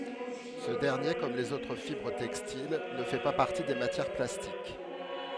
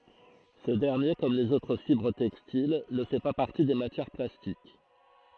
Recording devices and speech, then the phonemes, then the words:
headset microphone, throat microphone, read sentence
sə dɛʁnje kɔm lez otʁ fibʁ tɛkstil nə fɛ pa paʁti de matjɛʁ plastik
Ce dernier, comme les autres fibres textiles, ne fait pas partie des matières plastiques.

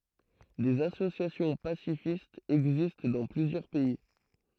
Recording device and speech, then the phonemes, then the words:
throat microphone, read sentence
dez asosjasjɔ̃ pasifistz ɛɡzist dɑ̃ plyzjœʁ pɛi
Des associations pacifistes existent dans plusieurs pays.

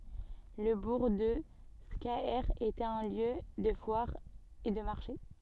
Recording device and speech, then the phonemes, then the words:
soft in-ear microphone, read sentence
lə buʁ də skaɛʁ etɛt œ̃ ljø də fwaʁ e də maʁʃe
Le bourg de Scaër était un lieu de foire et de marché.

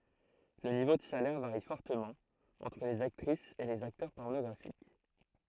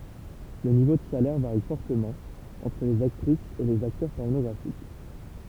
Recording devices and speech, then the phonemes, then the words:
throat microphone, temple vibration pickup, read sentence
lə nivo də salɛʁ vaʁi fɔʁtəmɑ̃ ɑ̃tʁ lez aktʁisz e lez aktœʁ pɔʁnɔɡʁafik
Le niveau de salaire varie fortement entre les actrices et les acteurs pornographiques.

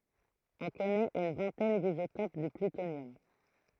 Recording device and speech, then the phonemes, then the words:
throat microphone, read sentence
ɔ̃ kɔnɛt yn vɛ̃tɛn dizotop dy plytonjɔm
On connaît une vingtaine d'isotopes du plutonium.

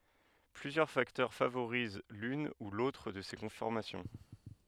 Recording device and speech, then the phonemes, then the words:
headset microphone, read sentence
plyzjœʁ faktœʁ favoʁiz lyn u lotʁ də se kɔ̃fɔʁmasjɔ̃
Plusieurs facteurs favorisent l'une ou l'autre de ces conformations.

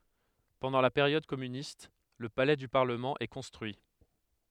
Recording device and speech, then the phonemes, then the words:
headset microphone, read sentence
pɑ̃dɑ̃ la peʁjɔd kɔmynist lə palɛ dy paʁləmɑ̃ ɛ kɔ̃stʁyi
Pendant la période communiste, le palais du Parlement est construit.

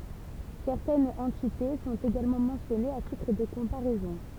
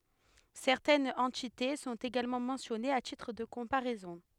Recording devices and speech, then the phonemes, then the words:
temple vibration pickup, headset microphone, read sentence
sɛʁtɛnz ɑ̃tite sɔ̃t eɡalmɑ̃ mɑ̃sjɔnez a titʁ də kɔ̃paʁɛzɔ̃
Certaines entités sont également mentionnées à titre de comparaison.

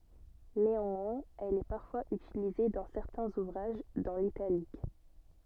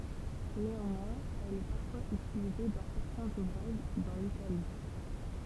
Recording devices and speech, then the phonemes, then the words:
soft in-ear microphone, temple vibration pickup, read sentence
neɑ̃mwɛ̃z ɛl ɛ paʁfwaz ytilize dɑ̃ sɛʁtɛ̃z uvʁaʒ dɑ̃ litalik
Néanmoins, elle est parfois utilisée dans certains ouvrages, dans l’italique.

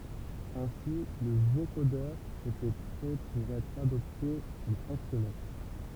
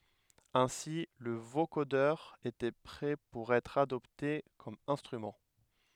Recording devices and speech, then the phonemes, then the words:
temple vibration pickup, headset microphone, read sentence
ɛ̃si lə vokodœʁ etɛ pʁɛ puʁ ɛtʁ adɔpte kɔm ɛ̃stʁymɑ̃
Ainsi le vocodeur était prêt pour être adopté comme instrument.

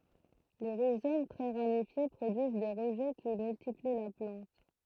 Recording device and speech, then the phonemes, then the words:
throat microphone, read sentence
le ʁizom tʁɛ ʁamifje pʁodyiz de ʁəʒɛ ki myltipli la plɑ̃t
Les rhizomes très ramifiés produisent des rejets qui multiplient la plante.

